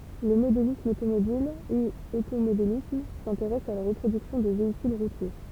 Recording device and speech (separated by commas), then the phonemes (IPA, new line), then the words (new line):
temple vibration pickup, read sentence
lə modelism otomobil u otomodelism sɛ̃teʁɛs a la ʁəpʁodyksjɔ̃ də veikyl ʁutje
Le modélisme automobile ou automodélisme s'intéresse à la reproduction de véhicules routiers.